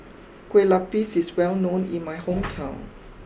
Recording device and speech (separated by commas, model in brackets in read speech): boundary microphone (BM630), read sentence